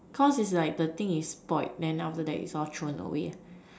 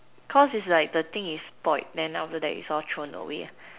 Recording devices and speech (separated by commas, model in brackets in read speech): standing microphone, telephone, conversation in separate rooms